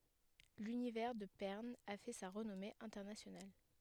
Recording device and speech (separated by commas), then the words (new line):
headset microphone, read sentence
L'univers de Pern a fait sa renommée internationale.